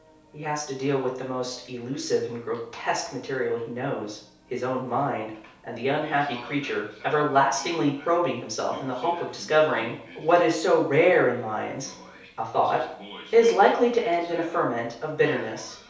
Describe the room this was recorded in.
A small room (about 3.7 m by 2.7 m).